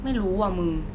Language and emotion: Thai, neutral